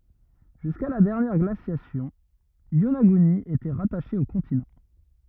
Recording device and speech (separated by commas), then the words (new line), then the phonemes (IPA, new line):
rigid in-ear microphone, read sentence
Jusqu’à la dernière glaciation, Yonaguni était rattachée au continent.
ʒyska la dɛʁnjɛʁ ɡlasjasjɔ̃ jonaɡyni etɛ ʁataʃe o kɔ̃tinɑ̃